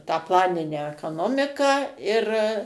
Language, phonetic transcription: Lithuanian, tą ˈplaninę ekaˈnomiką ir

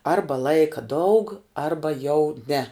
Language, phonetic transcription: Lithuanian, ˈarba ˈlaika daug ˈarba jau ne

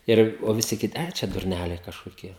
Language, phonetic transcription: Lithuanian, ˈir o viˈsi kiˈti ˈčia durˈnæliai kažkoˈkie

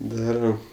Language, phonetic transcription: Lithuanian, ˈdaram

